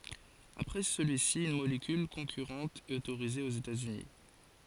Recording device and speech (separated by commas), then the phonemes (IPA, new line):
forehead accelerometer, read sentence
apʁɛ səlyi si yn molekyl kɔ̃kyʁɑ̃t ɛt otoʁize oz etaz yni